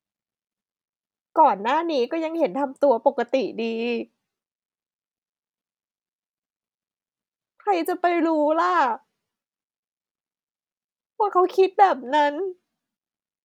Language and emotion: Thai, sad